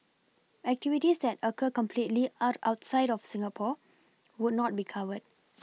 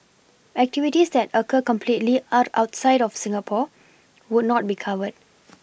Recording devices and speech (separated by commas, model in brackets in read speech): mobile phone (iPhone 6), boundary microphone (BM630), read sentence